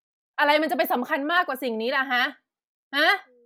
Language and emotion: Thai, angry